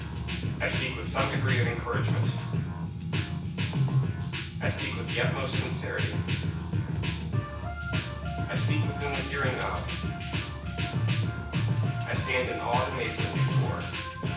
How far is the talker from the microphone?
9.8 m.